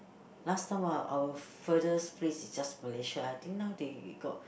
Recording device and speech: boundary microphone, conversation in the same room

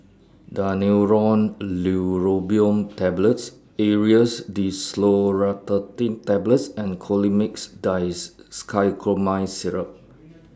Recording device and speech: standing microphone (AKG C214), read sentence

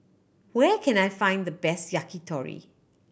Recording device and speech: boundary microphone (BM630), read sentence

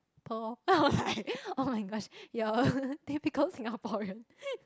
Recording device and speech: close-talking microphone, conversation in the same room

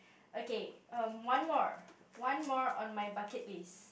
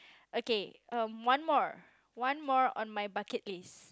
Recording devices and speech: boundary microphone, close-talking microphone, conversation in the same room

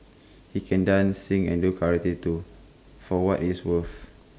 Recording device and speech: close-talking microphone (WH20), read sentence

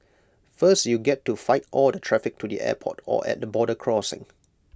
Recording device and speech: close-talking microphone (WH20), read sentence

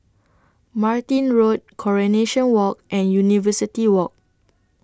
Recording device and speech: standing microphone (AKG C214), read sentence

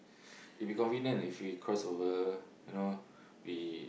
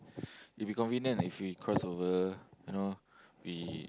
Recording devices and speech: boundary microphone, close-talking microphone, conversation in the same room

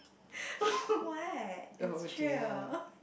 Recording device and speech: boundary microphone, conversation in the same room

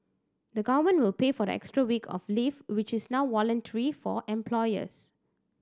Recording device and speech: standing microphone (AKG C214), read sentence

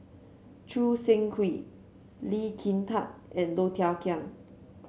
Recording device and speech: mobile phone (Samsung C7), read sentence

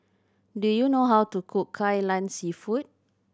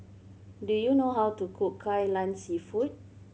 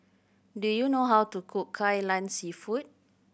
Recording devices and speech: standing microphone (AKG C214), mobile phone (Samsung C7100), boundary microphone (BM630), read sentence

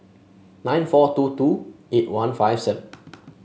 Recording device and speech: mobile phone (Samsung S8), read sentence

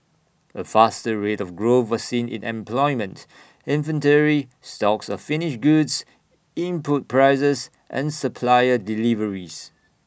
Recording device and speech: boundary microphone (BM630), read sentence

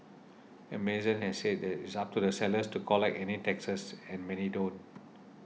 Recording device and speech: mobile phone (iPhone 6), read sentence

